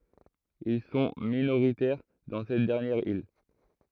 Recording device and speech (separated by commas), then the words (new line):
throat microphone, read sentence
Ils sont minoritaires dans cette dernière île.